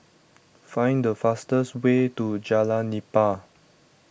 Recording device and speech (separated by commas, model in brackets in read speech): boundary microphone (BM630), read sentence